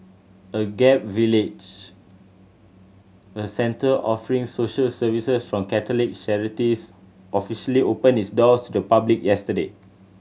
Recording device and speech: mobile phone (Samsung C7100), read sentence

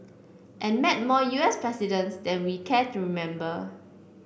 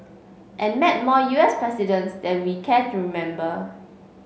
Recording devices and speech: boundary microphone (BM630), mobile phone (Samsung C5), read sentence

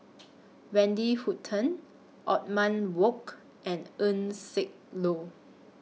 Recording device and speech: mobile phone (iPhone 6), read sentence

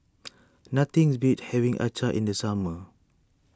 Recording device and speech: standing microphone (AKG C214), read sentence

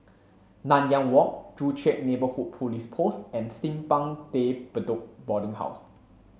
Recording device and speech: mobile phone (Samsung C7), read sentence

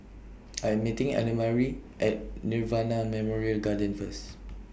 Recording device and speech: boundary microphone (BM630), read sentence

